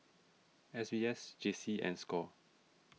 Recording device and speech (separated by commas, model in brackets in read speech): mobile phone (iPhone 6), read sentence